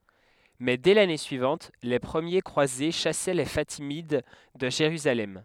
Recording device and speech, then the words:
headset microphone, read sentence
Mais dès l'année suivante, les premiers croisés chassaient les Fatimides de Jérusalem.

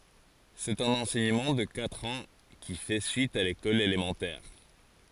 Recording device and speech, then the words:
forehead accelerometer, read sentence
C’est un enseignement de quatre ans, qui fait suite à l’école élémentaire.

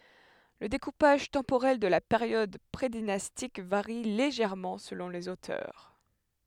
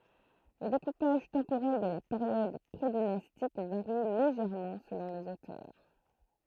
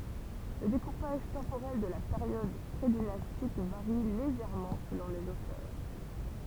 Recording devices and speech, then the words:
headset microphone, throat microphone, temple vibration pickup, read sentence
Le découpage temporel de la période prédynastique varie légèrement selon les auteurs.

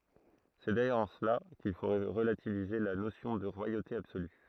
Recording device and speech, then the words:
throat microphone, read sentence
C'est d'ailleurs en cela qu'il faut relativiser la notion de royauté absolue.

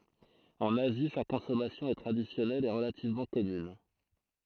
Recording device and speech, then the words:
throat microphone, read sentence
En Asie, sa consommation est traditionnelle et relativement commune.

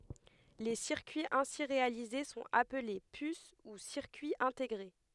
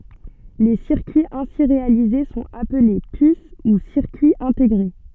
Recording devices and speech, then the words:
headset microphone, soft in-ear microphone, read sentence
Les circuits ainsi réalisés sont appelés puces ou circuits intégrés.

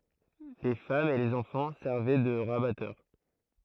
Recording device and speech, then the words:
throat microphone, read sentence
Les femmes et les enfants servaient de rabatteurs.

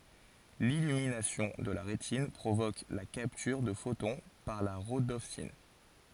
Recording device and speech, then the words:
forehead accelerometer, read sentence
L'illumination de la rétine provoque la capture de photon par la rhodopsine.

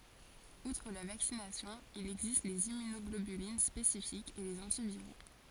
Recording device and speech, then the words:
forehead accelerometer, read sentence
Outre la vaccination, il existe les immunoglobulines spécifiques et les antiviraux.

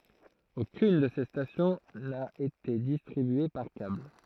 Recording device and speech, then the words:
throat microphone, read sentence
Aucune de ces stations n'a été distribuée par câble.

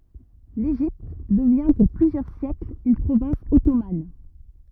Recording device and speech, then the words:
rigid in-ear microphone, read sentence
L'Égypte devient pour plusieurs siècle une province ottomane.

